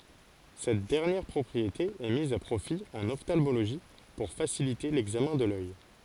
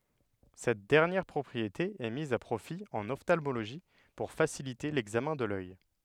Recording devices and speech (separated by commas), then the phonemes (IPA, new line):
forehead accelerometer, headset microphone, read sentence
sɛt dɛʁnjɛʁ pʁɔpʁiete ɛ miz a pʁofi ɑ̃n ɔftalmoloʒi puʁ fasilite lɛɡzamɛ̃ də lœj